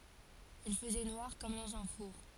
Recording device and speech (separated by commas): forehead accelerometer, read sentence